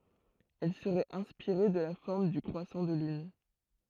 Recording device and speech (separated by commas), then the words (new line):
throat microphone, read sentence
Elle serait inspirée de la forme du croissant de lune.